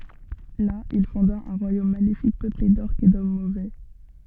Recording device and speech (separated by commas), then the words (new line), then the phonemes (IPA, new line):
soft in-ear microphone, read sentence
Là, il fonda un royaume maléfique peuplé d'Orques et d'hommes mauvais.
la il fɔ̃da œ̃ ʁwajom malefik pøple dɔʁkz e dɔm movɛ